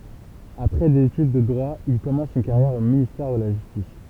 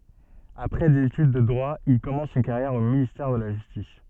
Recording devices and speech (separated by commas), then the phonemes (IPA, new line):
temple vibration pickup, soft in-ear microphone, read sentence
apʁɛ dez etyd də dʁwa il kɔmɑ̃s yn kaʁjɛʁ o ministɛʁ də la ʒystis